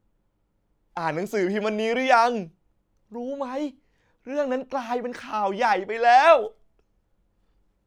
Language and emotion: Thai, happy